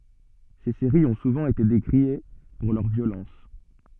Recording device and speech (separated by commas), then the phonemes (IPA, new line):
soft in-ear microphone, read sentence
se seʁiz ɔ̃ suvɑ̃ ete dekʁie puʁ lœʁ vjolɑ̃s